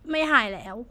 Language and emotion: Thai, sad